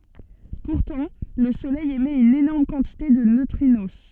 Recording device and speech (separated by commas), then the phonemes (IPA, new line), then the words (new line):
soft in-ear microphone, read sentence
puʁtɑ̃ lə solɛj emɛt yn enɔʁm kɑ̃tite də nøtʁino
Pourtant, le Soleil émet une énorme quantité de neutrinos.